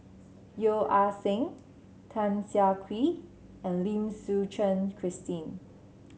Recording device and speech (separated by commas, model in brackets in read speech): mobile phone (Samsung C7), read sentence